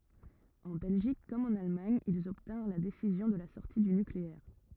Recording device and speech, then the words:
rigid in-ear microphone, read sentence
En Belgique comme en Allemagne, ils obtinrent la décision de la sortie du nucléaire.

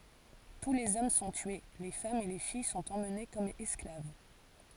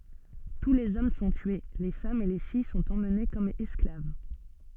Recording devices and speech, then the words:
forehead accelerometer, soft in-ear microphone, read sentence
Tous les hommes sont tués, les femmes et les filles sont emmenées comme esclaves.

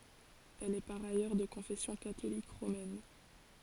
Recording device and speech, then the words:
forehead accelerometer, read sentence
Elle est par ailleurs de confession catholique romaine.

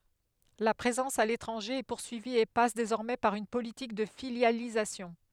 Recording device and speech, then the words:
headset microphone, read sentence
La présence à l'étranger est poursuivie et passe désormais par une politique de filialisation.

